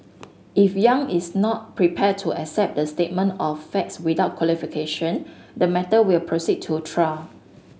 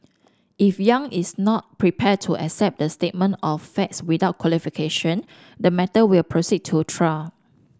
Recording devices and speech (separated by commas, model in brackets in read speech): mobile phone (Samsung S8), standing microphone (AKG C214), read sentence